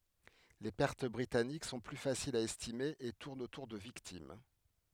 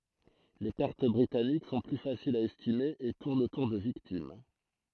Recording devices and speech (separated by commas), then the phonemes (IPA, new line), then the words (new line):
headset microphone, throat microphone, read sentence
le pɛʁt bʁitanik sɔ̃ ply fasilz a ɛstime e tuʁnt otuʁ də viktim
Les pertes britanniques sont plus faciles à estimer et tournent autour de victimes.